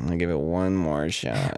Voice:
Gravelly voice